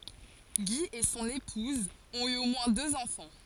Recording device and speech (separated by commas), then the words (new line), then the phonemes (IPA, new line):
forehead accelerometer, read sentence
Guy et son épouse ont eu au moins deux enfants.
ɡi e sɔ̃n epuz ɔ̃t y o mwɛ̃ døz ɑ̃fɑ̃